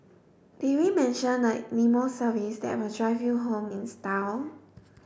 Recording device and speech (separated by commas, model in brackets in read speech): boundary microphone (BM630), read sentence